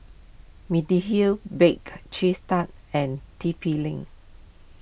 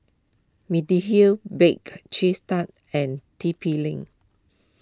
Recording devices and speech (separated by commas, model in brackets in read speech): boundary microphone (BM630), close-talking microphone (WH20), read sentence